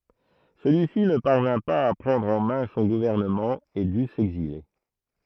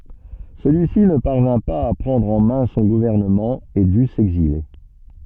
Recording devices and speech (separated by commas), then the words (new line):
throat microphone, soft in-ear microphone, read sentence
Celui-ci ne parvint pas à prendre en main son gouvernement et dut s’exiler.